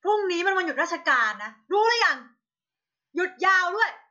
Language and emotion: Thai, angry